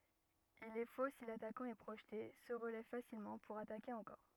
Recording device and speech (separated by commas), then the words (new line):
rigid in-ear microphone, read sentence
Il est faux si l’attaquant est projeté, se relève facilement, pour attaquer encore.